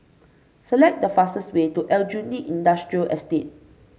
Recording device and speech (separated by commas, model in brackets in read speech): mobile phone (Samsung C5), read sentence